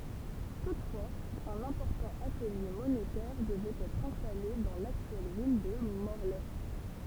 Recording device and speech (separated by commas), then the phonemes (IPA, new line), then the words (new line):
temple vibration pickup, read sentence
tutfwaz œ̃n ɛ̃pɔʁtɑ̃ atəlje monetɛʁ dəvɛt ɛtʁ ɛ̃stale dɑ̃ laktyɛl vil də mɔʁlɛ
Toutefois, un important atelier monétaire devait être installé dans l’actuelle ville de Morlaix.